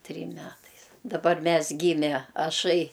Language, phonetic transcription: Lithuanian, ˈtrym ˈmetais daˈbar ˈmes ˈgyme aˈšai

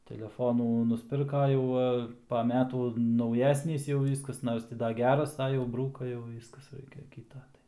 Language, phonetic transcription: Lithuanian, teleˈfonų nusˈpirka ˈjau va pa ˈmetų nauˈjesnys jau ˈvyskas ˈnors ti ˈda ˈgeras a ˈjau ˈbrūka jau ˈvyskas ˈraikia ˈkyta ˈtai

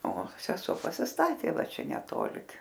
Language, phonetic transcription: Lithuanian, o seˈso pasisˈtatė ˈva ˈčia neˈtoli

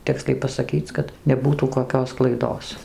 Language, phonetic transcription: Lithuanian, ˈtiksliai pasaˈkyc kad neˈbūtų koˈkios klaiˈdos

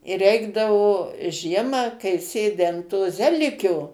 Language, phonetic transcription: Lithuanian, i ˈreikdavo ˈžiemą kai ˈsėdi an to ˈzelikio

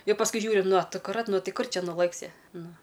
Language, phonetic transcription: Lithuanian, ˈjau pasˈkui ˈžiūri nu a akuˈrat ˈnu ˈti ˈkur ˈčia nuˈlɘksi ˈnu

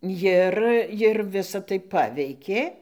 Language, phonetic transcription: Lithuanian, ˈjir jir ˈvisa tai ˈpaveikė

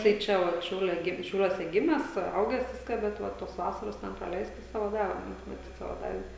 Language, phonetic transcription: Lithuanian, tai ˈčia vat ˈšiaulia ˈgim šiauˈliuose ˈgimęs ˈaugęs ˈviską bet ˈva ˈtos ˈvasaros ˈten praˈleistas ˈsavo ˈdave maˈtyt ˈsavo ˈdave

